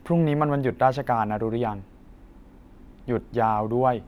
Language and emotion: Thai, neutral